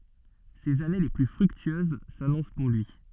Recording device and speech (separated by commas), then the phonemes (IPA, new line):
soft in-ear microphone, read sentence
sez ane le ply fʁyktyøz sanɔ̃s puʁ lyi